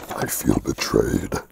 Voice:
using big voice